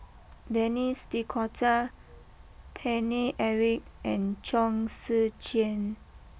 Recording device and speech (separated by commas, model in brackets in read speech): boundary microphone (BM630), read sentence